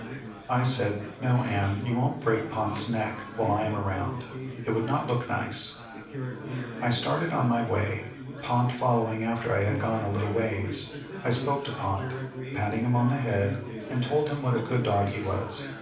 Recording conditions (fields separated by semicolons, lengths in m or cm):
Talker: one person; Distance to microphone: 5.8 m; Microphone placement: far; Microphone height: 1.8 m; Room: medium-sized (5.7 m by 4.0 m); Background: babble